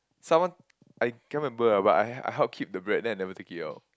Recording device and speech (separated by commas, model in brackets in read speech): close-talking microphone, conversation in the same room